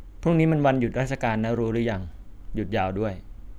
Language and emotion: Thai, neutral